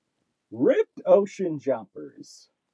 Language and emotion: English, happy